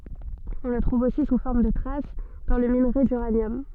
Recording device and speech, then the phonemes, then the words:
soft in-ear microphone, read sentence
ɔ̃ lə tʁuv osi su fɔʁm də tʁas dɑ̃ lə minʁe dyʁanjɔm
On le trouve aussi sous forme de traces dans le minerai d'uranium.

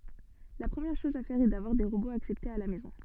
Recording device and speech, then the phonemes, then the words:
soft in-ear microphone, read sentence
la pʁəmjɛʁ ʃɔz a fɛʁ ɛ davwaʁ de ʁoboz aksɛptez a la mɛzɔ̃
La première chose à faire est d’avoir des robots acceptés à la maison.

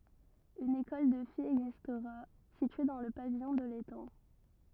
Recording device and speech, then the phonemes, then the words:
rigid in-ear microphone, read sentence
yn ekɔl də fijz ɛɡzistʁa sitye dɑ̃ lə pavijɔ̃ də letɑ̃
Une école de filles existera, située dans le pavillon de l'étang.

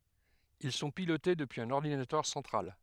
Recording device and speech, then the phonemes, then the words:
headset microphone, read sentence
il sɔ̃ pilote dəpyiz œ̃n ɔʁdinatœʁ sɑ̃tʁal
Ils sont pilotés depuis un ordinateur central.

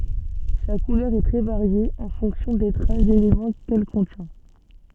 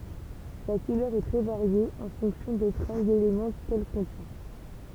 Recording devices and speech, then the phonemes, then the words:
soft in-ear microphone, temple vibration pickup, read sentence
sa kulœʁ ɛ tʁɛ vaʁje ɑ̃ fɔ̃ksjɔ̃ de tʁas delemɑ̃ kɛl kɔ̃tjɛ̃
Sa couleur est très variée, en fonction des traces d'éléments qu'elle contient.

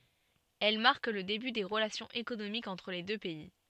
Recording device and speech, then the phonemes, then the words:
soft in-ear microphone, read sentence
ɛl maʁk lə deby de ʁəlasjɔ̃z ekonomikz ɑ̃tʁ le dø pɛi
Elles marquent le début des relations économiques entre les deux pays.

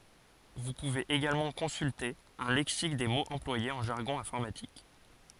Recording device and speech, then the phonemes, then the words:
forehead accelerometer, read sentence
vu puvez eɡalmɑ̃ kɔ̃sylte œ̃ lɛksik de moz ɑ̃plwajez ɑ̃ ʒaʁɡɔ̃ ɛ̃fɔʁmatik
Vous pouvez également consulter un lexique des mots employés en jargon informatique.

